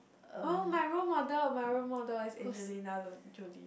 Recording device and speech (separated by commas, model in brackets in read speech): boundary microphone, conversation in the same room